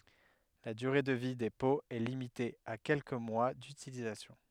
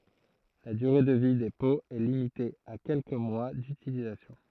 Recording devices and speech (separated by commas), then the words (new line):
headset microphone, throat microphone, read sentence
La durée de vie des pots est limitée à quelques mois d'utilisation.